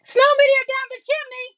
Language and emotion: English, surprised